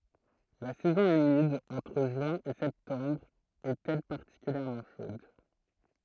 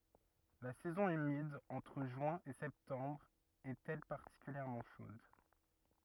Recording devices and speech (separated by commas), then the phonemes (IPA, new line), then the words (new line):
throat microphone, rigid in-ear microphone, read sentence
la sɛzɔ̃ ymid ɑ̃tʁ ʒyɛ̃ e sɛptɑ̃bʁ ɛt ɛl paʁtikyljɛʁmɑ̃ ʃod
La saison humide, entre juin et septembre, est elle particulièrement chaude.